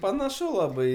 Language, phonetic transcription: Lithuanian, panaˈšu laˈbai

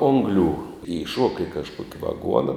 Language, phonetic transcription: Lithuanian, ˈonglių įˈšuoka i kažˈkuok' vaˈguona

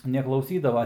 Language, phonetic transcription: Lithuanian, neklauˈsydava

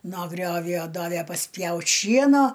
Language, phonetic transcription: Lithuanian, no ˈgriovjo ˈdavæ pasˈpjaut' ˈšieno

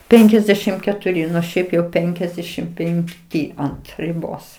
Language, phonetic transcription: Lithuanian, ˈpenkiasdešim ketuˈri ˈnu ˈšiaip jau ˈpenkiasdešim penkˈty ˈant riˈbos

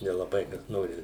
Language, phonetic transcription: Lithuanian, nelaˈbai kas ˈnori

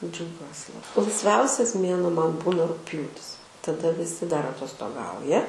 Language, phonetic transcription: Lithuanian, džiauˈgiuos laisˈviausias ˈmėnuo ˈman ˈbūna rugˈpjūtis taˈda viˈsi dar atostoˈgauja

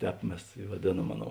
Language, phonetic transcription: Lithuanian, ˈtēp ˈmes i vaˈdėˌnuom ˈaˌnou

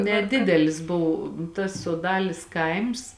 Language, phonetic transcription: Lithuanian, neˈdidelis ˈbuv tas soˈdalės ˈkaims

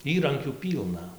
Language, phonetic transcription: Lithuanian, ˈįrankių ˈpylna

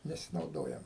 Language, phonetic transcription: Lithuanian, nesinauˈdojam

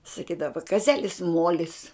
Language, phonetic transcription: Lithuanian, saˈkydava kaˈzelis ˈmuolis

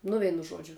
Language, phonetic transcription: Lithuanian, nu ˈveinu ˈžuodžiu

